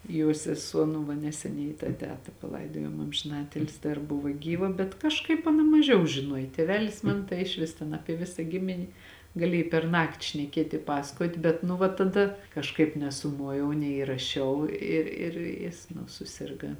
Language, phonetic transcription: Lithuanian, jo seˈsuo nu ˈva neseˈniai tą ˈteta paˈlaidojom amžiˈnatilsi dar ˈbuva ˈgyva bet kažˈkaip aˈna maˈžiau žiˈnuoj ˈtėvelis ˈman tai išˈvis ten ˈapie ˈvisa ˈgimini gaˈliej perˈnakti šneˈkiet' i ˈpasakot' ˈbet nu va taˈda kažˈkaip nesuˈmojau neįraˈšiau ˈi ir ˈjis nu suˈsirga

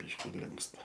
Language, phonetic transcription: Lithuanian, ˈbyški ˈlinksta

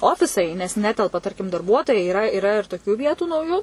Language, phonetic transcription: Lithuanian, ˈofisai nes ˈnetelpa ˈtarkim darˈbuotojai yˈra yˈra ir toˈkiu ˈvietu nauˈjų

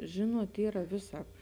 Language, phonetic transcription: Lithuanian, ˈžinuot ˈyra ˈviˌsāp

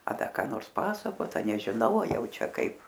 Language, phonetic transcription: Lithuanian, a ˈda ką ˈnors ˈpasakot a nežiˈnau a ˈjau ˈčia ˈkaip

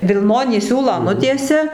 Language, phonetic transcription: Lithuanian, vilˈnonį ˈsiūlą ˈnutiesia

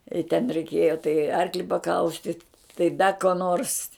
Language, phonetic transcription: Lithuanian, i ten reiˈkėjo tai ˈarkli paˈkaustit tai ˈda ko ˈnors

